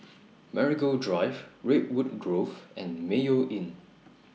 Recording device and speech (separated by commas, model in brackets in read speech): mobile phone (iPhone 6), read sentence